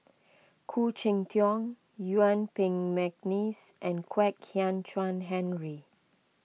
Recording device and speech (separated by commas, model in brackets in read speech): mobile phone (iPhone 6), read sentence